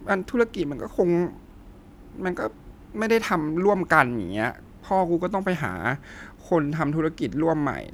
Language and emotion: Thai, sad